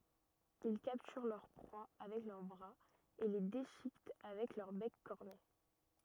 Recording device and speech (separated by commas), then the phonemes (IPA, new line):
rigid in-ear microphone, read sentence
il kaptyʁ lœʁ pʁwa avɛk lœʁ bʁaz e le deʃikɛt avɛk lœʁ bɛk kɔʁne